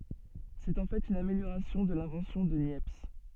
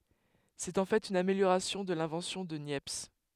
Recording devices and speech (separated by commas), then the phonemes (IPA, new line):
soft in-ear microphone, headset microphone, read sentence
sɛt ɑ̃ fɛt yn ameljoʁasjɔ̃ də lɛ̃vɑ̃sjɔ̃ də njɛps